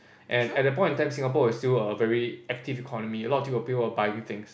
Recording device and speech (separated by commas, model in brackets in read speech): boundary microphone, conversation in the same room